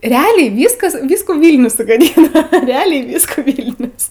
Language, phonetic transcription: Lithuanian, reˈaliai ˈvyskas ˈvyskų ˈvylnius sugaˈdyna reˈaliai ˈvyskų ˈvylnius

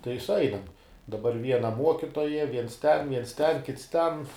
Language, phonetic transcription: Lithuanian, tai suˈainam daˈbar ˈviena ˈmuokitoja ˈviens ˈten ˈviens ˈten ˈkits ˈten

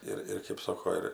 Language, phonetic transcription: Lithuanian, ˈir ir kėp ˈsoko ˈir

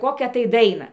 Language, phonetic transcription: Lithuanian, ˈkokią tai ˈdaina

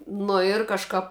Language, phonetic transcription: Lithuanian, ˈnu ir kažˈkap

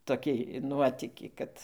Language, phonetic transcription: Lithuanian, toˈkį ˈnuotykį ˈkad

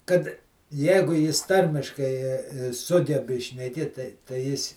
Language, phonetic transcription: Lithuanian, kad ˈjeigu ˈjis ˈtarmiškai ˈsugebi šneˈkėt tai tai ˈjis

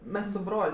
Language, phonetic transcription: Lithuanian, ˈmes su ˈbrol'

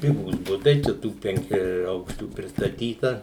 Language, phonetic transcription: Lithuanian, ˈpigūs ˈbutai čia ˈtų penˈkiaˈaukščių pristaˈtyta

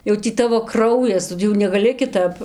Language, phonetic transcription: Lithuanian, jau ˈtį ˈtavo ˈkraujas jau negaˈli kiˈtap

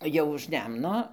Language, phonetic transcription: Lithuanian, ˈjau už ˈnemno

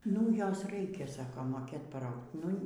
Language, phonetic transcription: Lithuanian, nu ˈjos ˈraikia ˈsako moˈkėt paˈraugt nu

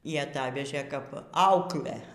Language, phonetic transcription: Lithuanian, y aˈtavežė ˈkap ˈauklę

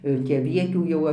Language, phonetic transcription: Lithuanian, jau ˈtį aˈvietių ˈjau

